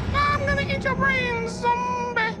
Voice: high-pitched voice